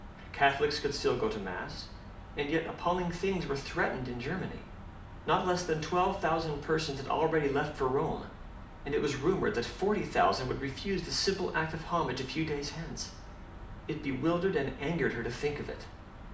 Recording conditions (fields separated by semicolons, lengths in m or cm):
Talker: one person; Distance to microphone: 2.0 m; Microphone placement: close; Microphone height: 99 cm; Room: medium-sized (5.7 m by 4.0 m); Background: none